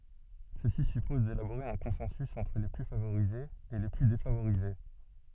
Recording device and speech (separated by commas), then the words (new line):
soft in-ear microphone, read sentence
Ceci suppose d'élaborer un consensus entre les plus favorisés et les plus défavorisés.